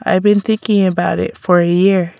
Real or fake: real